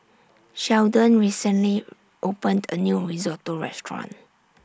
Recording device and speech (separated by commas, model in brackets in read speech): standing microphone (AKG C214), read sentence